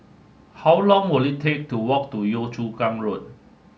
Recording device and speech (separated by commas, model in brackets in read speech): mobile phone (Samsung S8), read sentence